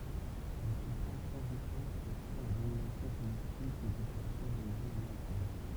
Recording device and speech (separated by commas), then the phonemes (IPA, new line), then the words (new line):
temple vibration pickup, read sentence
lə syfʁaʒ sɑ̃sitɛʁ asyʁ la dominasjɔ̃ politik de popylasjɔ̃ doʁiʒin ameʁikɛn
Le suffrage censitaire assure la domination politique des populations d'origine américaine.